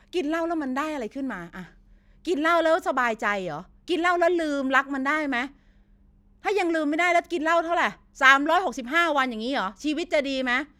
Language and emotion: Thai, frustrated